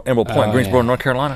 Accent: southern accent